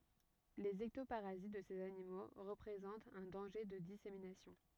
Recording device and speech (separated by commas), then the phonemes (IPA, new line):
rigid in-ear microphone, read sentence
lez ɛktopaʁazit də sez animo ʁəpʁezɑ̃tt œ̃ dɑ̃ʒe də diseminasjɔ̃